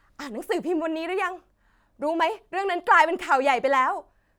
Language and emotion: Thai, happy